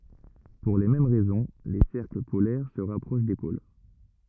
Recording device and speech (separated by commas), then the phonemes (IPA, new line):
rigid in-ear microphone, read sentence
puʁ le mɛm ʁɛzɔ̃ le sɛʁkl polɛʁ sə ʁapʁoʃ de pol